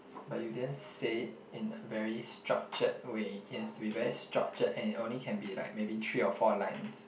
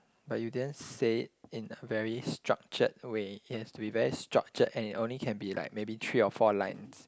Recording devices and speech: boundary microphone, close-talking microphone, conversation in the same room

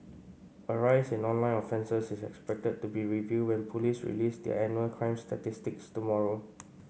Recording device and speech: mobile phone (Samsung C5), read sentence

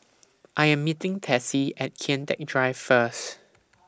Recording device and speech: standing microphone (AKG C214), read sentence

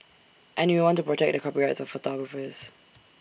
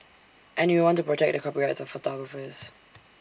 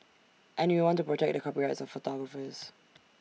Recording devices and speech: boundary microphone (BM630), standing microphone (AKG C214), mobile phone (iPhone 6), read sentence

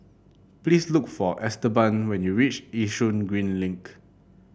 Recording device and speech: boundary microphone (BM630), read sentence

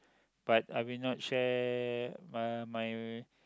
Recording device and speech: close-talking microphone, conversation in the same room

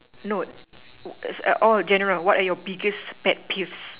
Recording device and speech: telephone, conversation in separate rooms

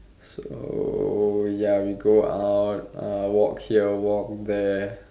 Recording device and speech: standing microphone, conversation in separate rooms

